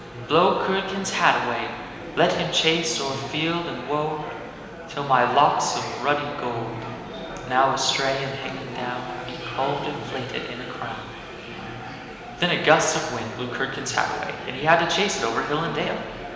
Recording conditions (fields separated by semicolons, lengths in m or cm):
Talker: one person; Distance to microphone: 1.7 m; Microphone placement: close; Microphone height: 1.0 m; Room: very reverberant, large; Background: babble